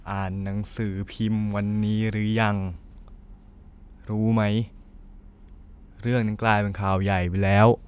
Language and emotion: Thai, frustrated